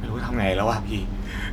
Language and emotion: Thai, frustrated